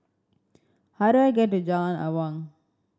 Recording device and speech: standing microphone (AKG C214), read sentence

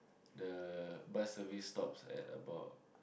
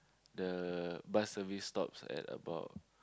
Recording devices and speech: boundary microphone, close-talking microphone, conversation in the same room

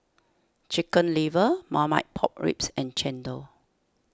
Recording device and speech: standing microphone (AKG C214), read sentence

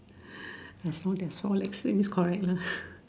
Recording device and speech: standing microphone, conversation in separate rooms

